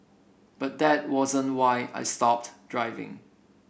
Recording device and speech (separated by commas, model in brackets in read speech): boundary microphone (BM630), read sentence